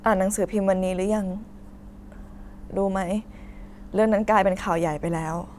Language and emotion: Thai, sad